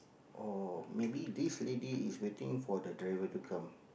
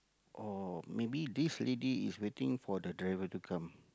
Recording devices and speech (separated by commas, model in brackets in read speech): boundary microphone, close-talking microphone, conversation in the same room